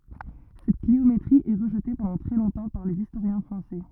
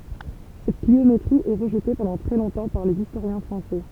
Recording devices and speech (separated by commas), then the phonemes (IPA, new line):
rigid in-ear microphone, temple vibration pickup, read sentence
sɛt kliometʁi ɛ ʁəʒte pɑ̃dɑ̃ tʁɛ lɔ̃tɑ̃ paʁ lez istoʁjɛ̃ fʁɑ̃sɛ